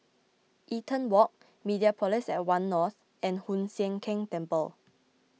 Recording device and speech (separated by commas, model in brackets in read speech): mobile phone (iPhone 6), read sentence